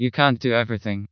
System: TTS, vocoder